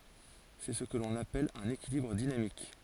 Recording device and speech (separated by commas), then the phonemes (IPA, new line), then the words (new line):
forehead accelerometer, read sentence
sɛ sə kə lɔ̃n apɛl œ̃n ekilibʁ dinamik
C'est ce que l'on appelle un équilibre dynamique.